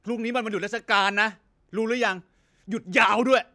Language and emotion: Thai, angry